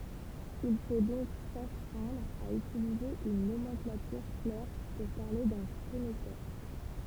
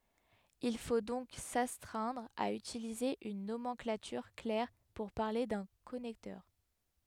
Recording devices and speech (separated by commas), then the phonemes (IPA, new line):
temple vibration pickup, headset microphone, read sentence
il fo dɔ̃k sastʁɛ̃dʁ a ytilize yn nomɑ̃klatyʁ klɛʁ puʁ paʁle dœ̃ kɔnɛktœʁ